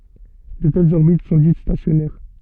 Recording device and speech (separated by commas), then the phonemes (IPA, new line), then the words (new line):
soft in-ear microphone, read sentence
də tɛlz ɔʁbit sɔ̃ dit stasjɔnɛʁ
De telles orbites sont dites stationnaires.